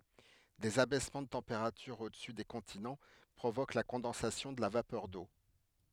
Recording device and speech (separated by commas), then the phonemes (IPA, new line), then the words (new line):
headset microphone, read sentence
dez abɛsmɑ̃ də tɑ̃peʁatyʁ odəsy de kɔ̃tinɑ̃ pʁovok la kɔ̃dɑ̃sasjɔ̃ də la vapœʁ do
Des abaissements de température au-dessus des continents provoquent la condensation de la vapeur d’eau.